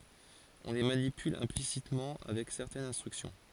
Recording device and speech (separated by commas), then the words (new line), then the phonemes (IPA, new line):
forehead accelerometer, read sentence
On les manipule implicitement avec certaines instructions.
ɔ̃ le manipyl ɛ̃plisitmɑ̃ avɛk sɛʁtɛnz ɛ̃stʁyksjɔ̃